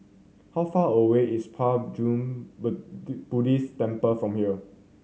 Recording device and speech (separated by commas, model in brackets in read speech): mobile phone (Samsung C7100), read sentence